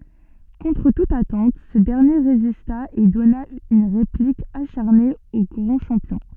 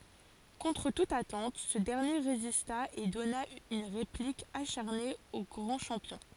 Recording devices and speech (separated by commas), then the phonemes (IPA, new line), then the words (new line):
soft in-ear microphone, forehead accelerometer, read sentence
kɔ̃tʁ tut atɑ̃t sə dɛʁnje ʁezista e dɔna yn ʁeplik aʃaʁne o ɡʁɑ̃ ʃɑ̃pjɔ̃
Contre toute attente, ce dernier résista et donna une réplique acharnée au grand champion.